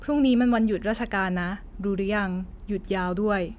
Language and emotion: Thai, neutral